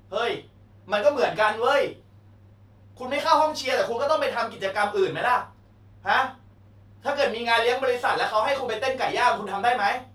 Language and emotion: Thai, angry